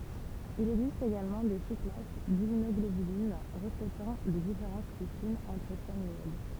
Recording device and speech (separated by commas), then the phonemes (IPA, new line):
temple vibration pickup, read sentence
il ɛɡzist eɡalmɑ̃ de susklas dimmynɔɡlobylin ʁəfletɑ̃ de difeʁɑ̃s ply finz ɑ̃tʁ ʃɛn luʁd